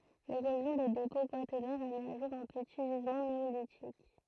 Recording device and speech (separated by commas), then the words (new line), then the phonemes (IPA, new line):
throat microphone, read sentence
L'érosion des dépôts quaternaires a mis au jour un petit gisement néolithique.
leʁozjɔ̃ de depɔ̃ kwatɛʁnɛʁz a mi o ʒuʁ œ̃ pəti ʒizmɑ̃ neolitik